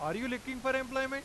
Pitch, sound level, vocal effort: 265 Hz, 98 dB SPL, loud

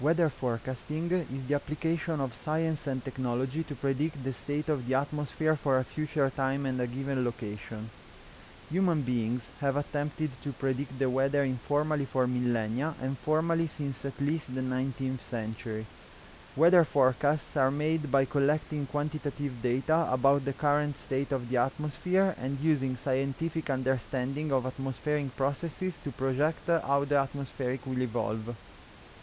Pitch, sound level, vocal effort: 140 Hz, 85 dB SPL, normal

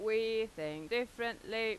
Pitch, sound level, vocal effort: 220 Hz, 93 dB SPL, loud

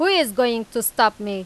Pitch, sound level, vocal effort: 230 Hz, 95 dB SPL, loud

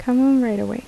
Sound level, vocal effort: 78 dB SPL, soft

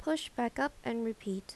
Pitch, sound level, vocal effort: 230 Hz, 79 dB SPL, normal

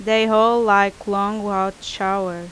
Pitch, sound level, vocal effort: 200 Hz, 87 dB SPL, very loud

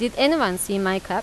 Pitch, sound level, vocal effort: 200 Hz, 89 dB SPL, loud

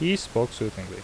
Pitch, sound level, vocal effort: 115 Hz, 80 dB SPL, normal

